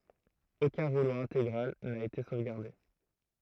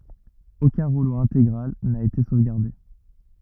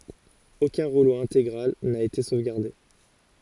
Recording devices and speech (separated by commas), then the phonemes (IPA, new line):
throat microphone, rigid in-ear microphone, forehead accelerometer, read sentence
okœ̃ ʁulo ɛ̃teɡʁal na ete sovɡaʁde